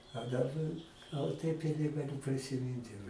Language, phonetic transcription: Lithuanian, a daˈba ˈgal taip i negaˈliu prisiˈmint jau

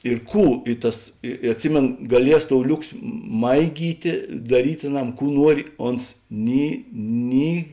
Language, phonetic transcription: Lithuanian, ir ˈkų i ˈtas i i atˈsimėno gaˈlies tou ˈliuksi ˈmaigytė daˈryt' aˈnam ˈkų ˈnuori ˈons ˈni ˈni

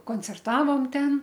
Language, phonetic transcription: Lithuanian, koncerˈtavom ˈten

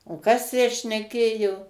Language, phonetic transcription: Lithuanian, o ˈkas tę šneˈkėjo

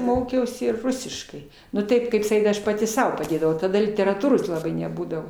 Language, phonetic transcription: Lithuanian, ˈmokiausi ir ˈrusiškai nu ˈtaip ˈkaip saˈkyt ˈaš paˈti ˈsau paˈdėdavau taˈda literaˈtūros laˈbai neˈbūdavo

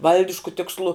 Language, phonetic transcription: Lithuanian, ˈvaldišku tiksˈlu

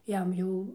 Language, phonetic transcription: Lithuanian, ˈjam jau

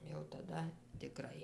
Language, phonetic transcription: Lithuanian, jau taˈda tiˈkrai

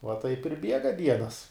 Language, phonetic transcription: Lithuanian, va taip ir ˈbiega ˈdienas

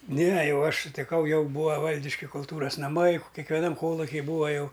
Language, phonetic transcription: Lithuanian, ˈne ˈjau ˈaš sutiˈkau ˈjau ˈbūa ˈvaldiški kulˈtūras naˈmai kekveˈnam ˈkoluki ˈbūa ˈjau

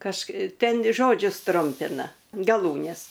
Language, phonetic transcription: Lithuanian, kaž ˈten ˈžodžius ˈtrumpina gaˈlūnes

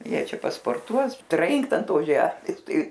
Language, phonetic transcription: Lithuanian, ˈjie ˈčia pasporˈtuos ˈtrinkt an ˈtos ˈžemės ˈtai

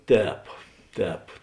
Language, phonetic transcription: Lithuanian, ˈtēp ˈtēp

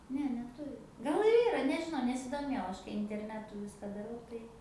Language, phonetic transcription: Lithuanian, ˈne neˈturi ˈgal ir ˈyra nežiˈnau nesidoˈmėjau ˈaš interˈnetu ˈviska daˈrau tai

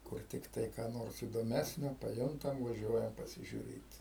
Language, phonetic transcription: Lithuanian, ˈkur tikˈtai ką ˈnors įdoˈmesnio paˈjuntam vaˈžiuojam pasižiuˈrėt

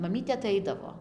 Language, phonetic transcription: Lithuanian, maˈmytė aˈtaidavo

